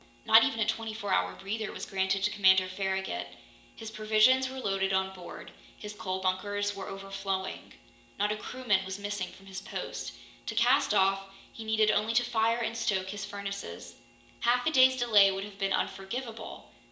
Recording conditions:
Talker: one person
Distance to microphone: 1.8 m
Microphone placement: close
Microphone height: 1.0 m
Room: large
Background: none

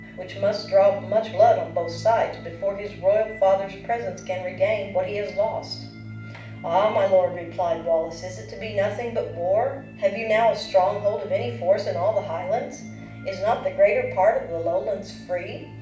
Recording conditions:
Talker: one person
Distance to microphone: 5.8 m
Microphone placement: far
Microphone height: 1.8 m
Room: medium-sized (5.7 m by 4.0 m)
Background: music

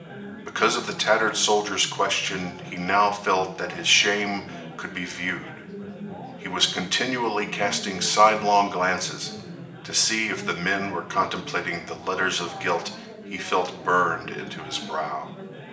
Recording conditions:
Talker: one person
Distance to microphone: 1.8 m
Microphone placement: close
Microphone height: 1.0 m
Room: large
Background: babble

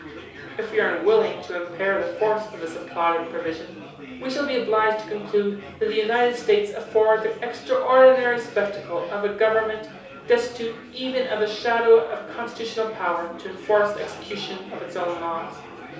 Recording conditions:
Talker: one person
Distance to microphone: 3.0 m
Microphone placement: far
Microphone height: 1.8 m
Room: small (3.7 m by 2.7 m)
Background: babble

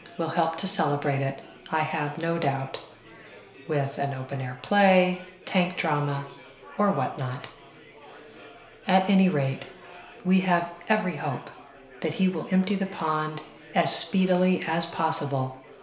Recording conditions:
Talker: one person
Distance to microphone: 1.0 m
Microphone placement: close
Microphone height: 1.1 m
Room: small (3.7 m by 2.7 m)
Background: babble

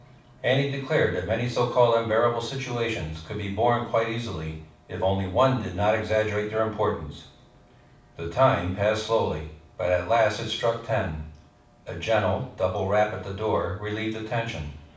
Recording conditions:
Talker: one person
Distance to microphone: 5.8 m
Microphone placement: far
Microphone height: 1.8 m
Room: medium-sized (5.7 m by 4.0 m)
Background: television

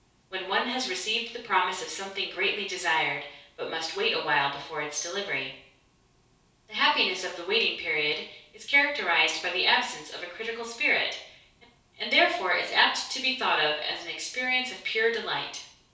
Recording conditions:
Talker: one person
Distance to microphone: 3.0 m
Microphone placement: far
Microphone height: 1.8 m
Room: small (3.7 m by 2.7 m)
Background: none

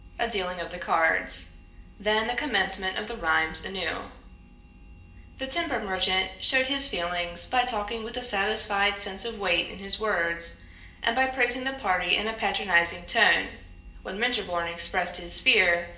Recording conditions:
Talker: one person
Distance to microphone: 1.8 m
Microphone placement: close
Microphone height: 1.0 m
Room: large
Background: none

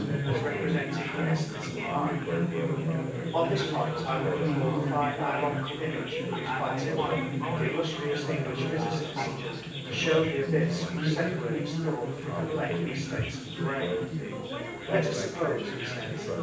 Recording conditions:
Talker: one person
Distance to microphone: 9.8 m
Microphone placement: far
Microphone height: 1.8 m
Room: large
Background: babble

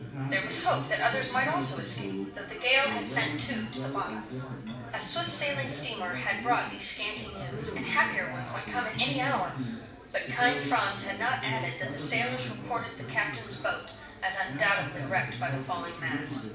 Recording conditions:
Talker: one person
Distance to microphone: 5.8 m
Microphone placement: far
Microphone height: 1.8 m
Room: medium-sized (5.7 m by 4.0 m)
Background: babble

